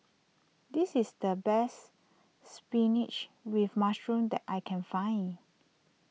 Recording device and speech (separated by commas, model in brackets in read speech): mobile phone (iPhone 6), read sentence